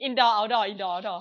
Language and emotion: Thai, happy